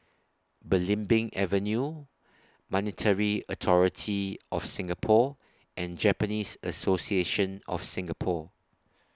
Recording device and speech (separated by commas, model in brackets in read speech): standing microphone (AKG C214), read sentence